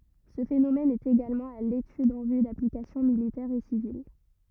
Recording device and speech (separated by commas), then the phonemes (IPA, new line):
rigid in-ear microphone, read sentence
sə fenomɛn ɛt eɡalmɑ̃ a letyd ɑ̃ vy daplikasjɔ̃ militɛʁz e sivil